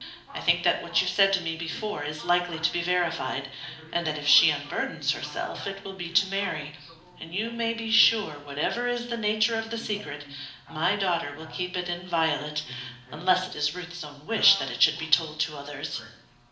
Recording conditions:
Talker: one person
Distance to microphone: 2.0 m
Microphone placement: close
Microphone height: 99 cm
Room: medium-sized (5.7 m by 4.0 m)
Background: television

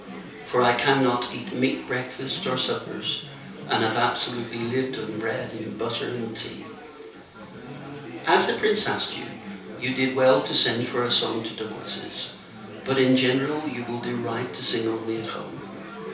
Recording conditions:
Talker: one person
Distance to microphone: 3.0 m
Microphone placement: far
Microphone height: 1.8 m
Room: small (3.7 m by 2.7 m)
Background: babble

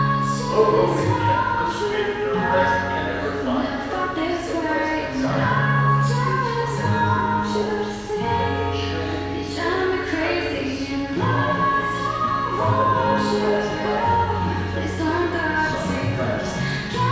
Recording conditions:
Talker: one person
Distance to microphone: 7.1 m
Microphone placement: far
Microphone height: 1.7 m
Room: very reverberant, large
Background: music

